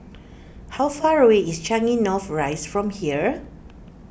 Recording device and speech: boundary microphone (BM630), read sentence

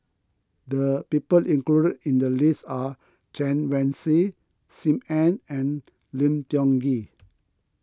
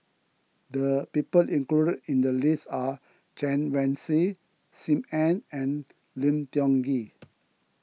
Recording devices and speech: close-talking microphone (WH20), mobile phone (iPhone 6), read sentence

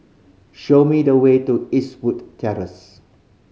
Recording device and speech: mobile phone (Samsung C5010), read sentence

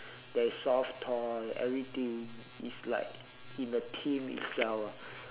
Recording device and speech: telephone, conversation in separate rooms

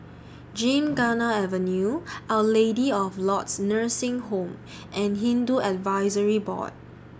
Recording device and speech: standing microphone (AKG C214), read sentence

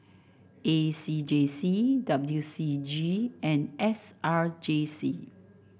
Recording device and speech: boundary microphone (BM630), read sentence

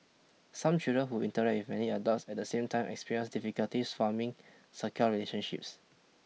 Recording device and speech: mobile phone (iPhone 6), read sentence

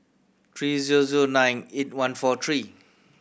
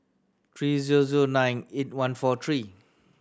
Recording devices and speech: boundary microphone (BM630), standing microphone (AKG C214), read sentence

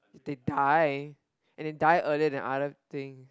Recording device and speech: close-talking microphone, conversation in the same room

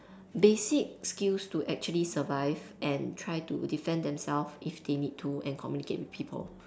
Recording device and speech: standing microphone, conversation in separate rooms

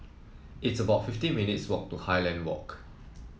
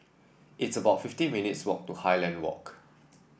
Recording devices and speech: mobile phone (iPhone 7), boundary microphone (BM630), read sentence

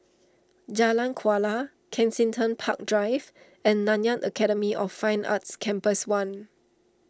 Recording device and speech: standing microphone (AKG C214), read sentence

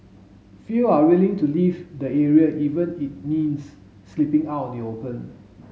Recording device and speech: mobile phone (Samsung S8), read sentence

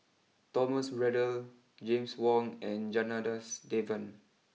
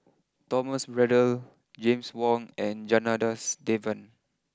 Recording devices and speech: mobile phone (iPhone 6), close-talking microphone (WH20), read sentence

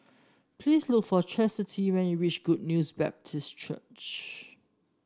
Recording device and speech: standing microphone (AKG C214), read sentence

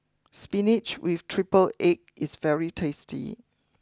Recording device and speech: close-talking microphone (WH20), read sentence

